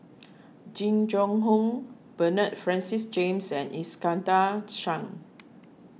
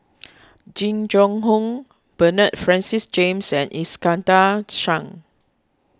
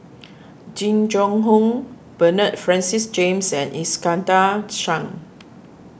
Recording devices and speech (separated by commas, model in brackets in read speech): mobile phone (iPhone 6), close-talking microphone (WH20), boundary microphone (BM630), read sentence